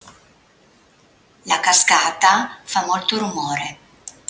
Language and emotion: Italian, neutral